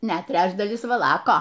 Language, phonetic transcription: Lithuanian, ˈnet ˈtrečdalis vaˈlako

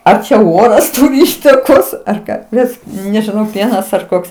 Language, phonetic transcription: Lithuanian, ˈar čia ˈoras ˈturi ˈįtakos ar ˈką ˈbet nežiˈnau ˈpienas ar ˈkoks

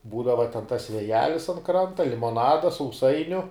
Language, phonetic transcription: Lithuanian, ˈbūdava ten tas vėˈjelis an ˈkranta limoˈnada sauˈsainiu

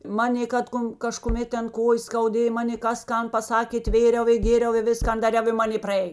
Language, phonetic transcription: Lithuanian, ˈmanė ˈkad ˌkon kažkuˈmėt ˈten ˈkojės skauˈdėj ˈmanė ˈkas ˈkan paˈsakė ˈtvėriau i ˈgėriau i ˈviskan daˈriau i ˈmanė praˈėj

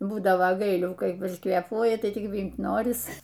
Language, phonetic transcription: Lithuanian, būdavo ˈgailių kai užkvėˈpuoji tai ˈtik ˈvymt ˈnoris

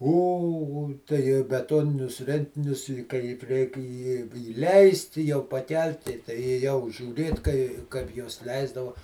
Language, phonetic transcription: Lithuanian, ˈo o tai beˈtoninius ˈrentinius i ˈkaip 'reik i iˈleist' i jau paˈkelti tai ėˈjau žiūˈrėt kai ˈkaip juos ˈleisdava

